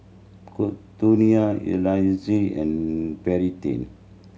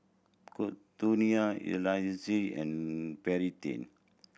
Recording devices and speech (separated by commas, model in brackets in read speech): mobile phone (Samsung C7100), boundary microphone (BM630), read sentence